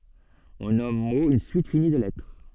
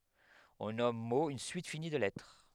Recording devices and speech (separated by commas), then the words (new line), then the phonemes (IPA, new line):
soft in-ear microphone, headset microphone, read sentence
On nomme mot une suite finie de lettres.
ɔ̃ nɔm mo yn syit fini də lɛtʁ